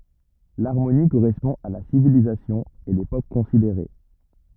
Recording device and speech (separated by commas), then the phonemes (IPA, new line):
rigid in-ear microphone, read sentence
laʁmoni koʁɛspɔ̃ a la sivilizasjɔ̃ e lepok kɔ̃sideʁe